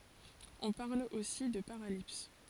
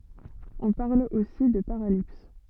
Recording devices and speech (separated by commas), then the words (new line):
forehead accelerometer, soft in-ear microphone, read sentence
On parle aussi de paralipse.